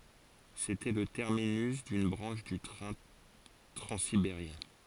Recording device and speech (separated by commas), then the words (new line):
forehead accelerometer, read sentence
C'était le terminus d'une branche du train transsibérien.